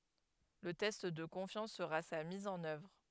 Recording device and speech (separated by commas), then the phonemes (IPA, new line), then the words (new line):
headset microphone, read sentence
lə tɛst də kɔ̃fjɑ̃s səʁa sa miz ɑ̃n œvʁ
Le test de confiance sera sa mise en œuvre.